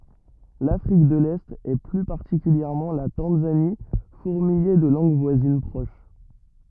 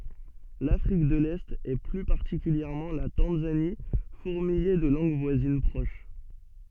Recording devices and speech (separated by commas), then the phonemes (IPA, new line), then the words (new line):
rigid in-ear microphone, soft in-ear microphone, read sentence
lafʁik də lɛt e ply paʁtikyljɛʁmɑ̃ la tɑ̃zani fuʁmijɛ də lɑ̃ɡ vwazin pʁoʃ
L'Afrique de l'Est et plus particulièrement la Tanzanie fourmillait de langues voisines proches.